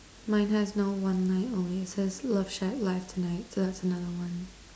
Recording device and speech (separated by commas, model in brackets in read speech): standing microphone, conversation in separate rooms